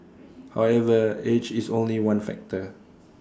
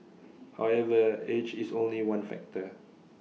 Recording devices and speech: standing microphone (AKG C214), mobile phone (iPhone 6), read sentence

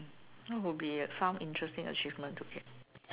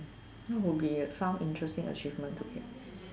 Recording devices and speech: telephone, standing microphone, conversation in separate rooms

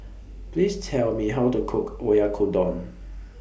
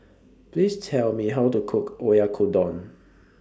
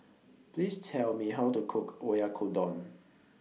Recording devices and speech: boundary microphone (BM630), standing microphone (AKG C214), mobile phone (iPhone 6), read sentence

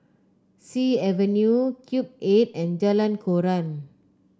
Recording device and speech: close-talking microphone (WH30), read sentence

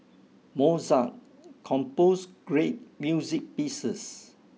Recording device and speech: mobile phone (iPhone 6), read sentence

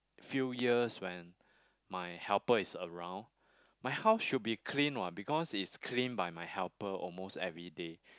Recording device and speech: close-talking microphone, conversation in the same room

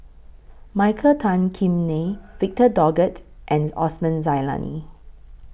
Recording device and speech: boundary microphone (BM630), read sentence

